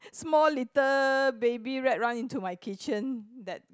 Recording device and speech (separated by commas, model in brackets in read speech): close-talking microphone, conversation in the same room